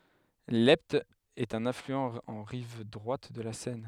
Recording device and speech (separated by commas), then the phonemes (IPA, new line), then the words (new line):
headset microphone, read sentence
lɛpt ɛt œ̃n aflyɑ̃ ɑ̃ ʁiv dʁwat də la sɛn
L’Epte est un affluent en rive droite de la Seine.